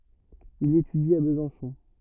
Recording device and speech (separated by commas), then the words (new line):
rigid in-ear microphone, read sentence
Il étudie à Besançon.